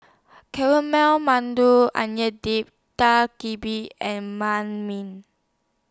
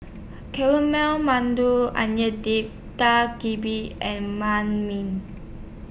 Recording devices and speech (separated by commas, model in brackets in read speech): standing microphone (AKG C214), boundary microphone (BM630), read sentence